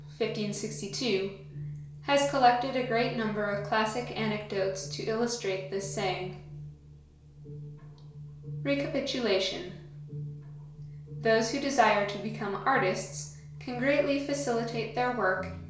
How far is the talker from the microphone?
1.0 m.